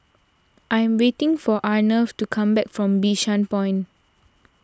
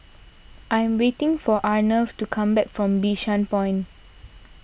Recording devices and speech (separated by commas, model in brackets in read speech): standing microphone (AKG C214), boundary microphone (BM630), read sentence